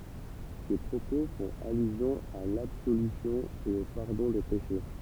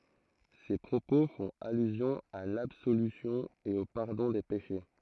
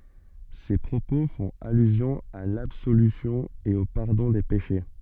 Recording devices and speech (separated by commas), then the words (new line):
temple vibration pickup, throat microphone, soft in-ear microphone, read sentence
Ces propos font allusion à l'absolution et au pardon des péchés.